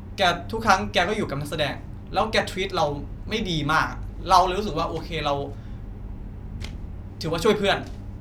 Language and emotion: Thai, frustrated